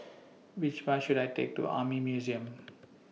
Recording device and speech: mobile phone (iPhone 6), read sentence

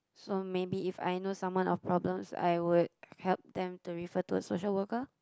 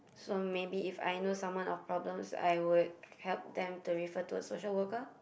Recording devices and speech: close-talking microphone, boundary microphone, conversation in the same room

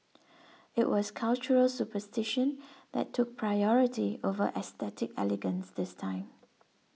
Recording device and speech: mobile phone (iPhone 6), read sentence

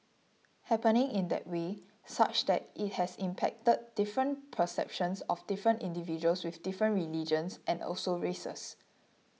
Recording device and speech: mobile phone (iPhone 6), read sentence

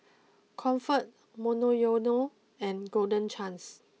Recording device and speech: mobile phone (iPhone 6), read sentence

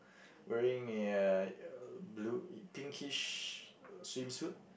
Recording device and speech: boundary microphone, conversation in the same room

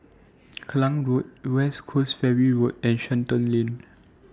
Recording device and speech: standing microphone (AKG C214), read sentence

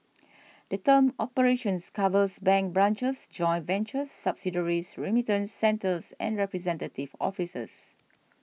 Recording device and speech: mobile phone (iPhone 6), read sentence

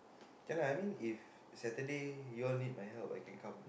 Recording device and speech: boundary microphone, conversation in the same room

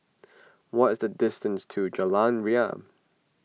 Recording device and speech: mobile phone (iPhone 6), read sentence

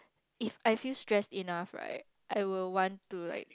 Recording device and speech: close-talking microphone, conversation in the same room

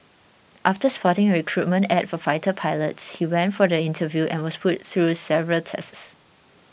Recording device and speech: boundary microphone (BM630), read sentence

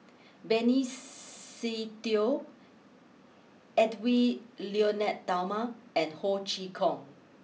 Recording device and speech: mobile phone (iPhone 6), read sentence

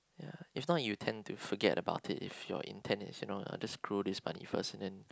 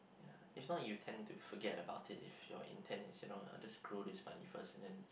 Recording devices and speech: close-talking microphone, boundary microphone, conversation in the same room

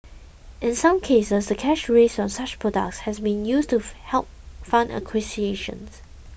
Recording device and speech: boundary microphone (BM630), read sentence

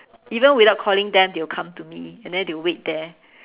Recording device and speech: telephone, conversation in separate rooms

